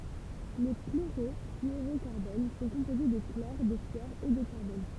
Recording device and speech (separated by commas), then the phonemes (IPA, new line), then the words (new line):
temple vibration pickup, read sentence
le kloʁɔflyoʁokaʁbon sɔ̃ kɔ̃poze də klɔʁ də flyɔʁ e də kaʁbɔn
Les chlorofluorocarbones sont composés de chlore, de fluor et de carbone.